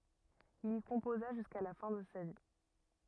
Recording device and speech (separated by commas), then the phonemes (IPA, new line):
rigid in-ear microphone, read sentence
il i kɔ̃poza ʒyska la fɛ̃ də sa vi